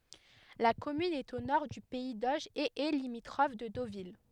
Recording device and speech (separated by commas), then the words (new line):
headset microphone, read sentence
La commune est au nord du pays d'Auge et est limitrophe de Deauville.